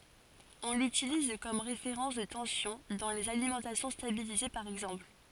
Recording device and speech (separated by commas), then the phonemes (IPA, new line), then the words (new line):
forehead accelerometer, read sentence
ɔ̃ lytiliz kɔm ʁefeʁɑ̃s də tɑ̃sjɔ̃ dɑ̃ lez alimɑ̃tasjɔ̃ stabilize paʁ ɛɡzɑ̃pl
On l'utilise comme référence de tension dans les alimentations stabilisées par exemple.